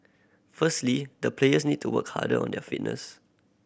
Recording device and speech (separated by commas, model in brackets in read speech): boundary microphone (BM630), read sentence